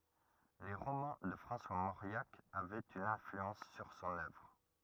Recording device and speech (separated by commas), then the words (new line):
rigid in-ear microphone, read sentence
Les romans de François Mauriac avaient une influence sur son œuvre.